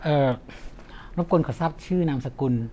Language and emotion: Thai, neutral